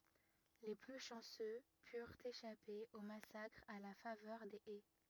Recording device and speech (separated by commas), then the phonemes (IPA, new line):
rigid in-ear microphone, read sentence
le ply ʃɑ̃sø pyʁt eʃape o masakʁ a la favœʁ de ɛ